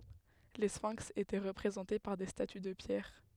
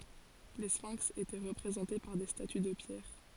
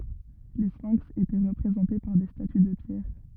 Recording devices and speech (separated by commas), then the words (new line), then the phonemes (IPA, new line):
headset microphone, forehead accelerometer, rigid in-ear microphone, read sentence
Les sphinx étaient représentés par des statues de pierre.
le sfɛ̃ks etɛ ʁəpʁezɑ̃te paʁ de staty də pjɛʁ